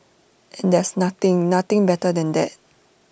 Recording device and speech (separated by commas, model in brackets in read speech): boundary microphone (BM630), read sentence